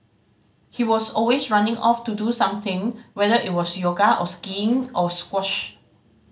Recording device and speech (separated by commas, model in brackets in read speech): mobile phone (Samsung C5010), read sentence